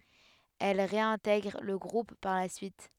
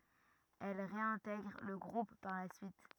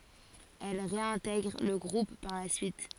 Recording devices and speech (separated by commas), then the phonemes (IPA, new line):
headset microphone, rigid in-ear microphone, forehead accelerometer, read sentence
ɛl ʁeɛ̃tɛɡʁ lə ɡʁup paʁ la syit